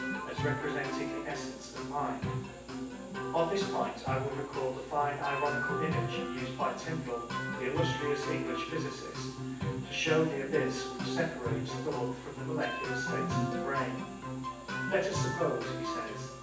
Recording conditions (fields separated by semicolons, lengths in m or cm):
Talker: one person; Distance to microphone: 9.8 m; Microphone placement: far; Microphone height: 1.8 m; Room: large; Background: music